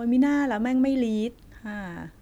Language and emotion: Thai, neutral